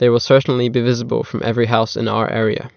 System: none